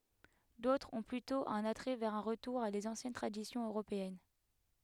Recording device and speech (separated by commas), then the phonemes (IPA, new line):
headset microphone, read sentence
dotʁz ɔ̃ plytɔ̃ œ̃n atʁɛ vɛʁ œ̃ ʁətuʁ a dez ɑ̃sjɛn tʁadisjɔ̃z øʁopeɛn